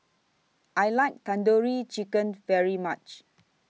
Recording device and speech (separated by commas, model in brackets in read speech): mobile phone (iPhone 6), read sentence